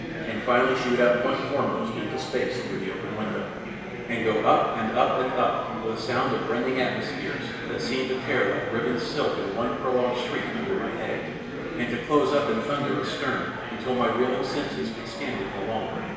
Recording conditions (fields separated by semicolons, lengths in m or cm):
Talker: one person; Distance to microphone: 1.7 m; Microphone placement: close; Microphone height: 1.0 m; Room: very reverberant, large; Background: babble